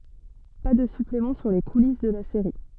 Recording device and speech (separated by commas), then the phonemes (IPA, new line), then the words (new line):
soft in-ear microphone, read sentence
pa də syplemɑ̃ syʁ le kulis də la seʁi
Pas de suppléments sur les coulisses de la série.